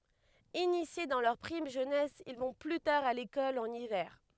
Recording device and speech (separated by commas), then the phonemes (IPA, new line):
headset microphone, read sentence
inisje dɑ̃ lœʁ pʁim ʒønɛs il vɔ̃ ply taʁ a lekɔl ɑ̃n ivɛʁ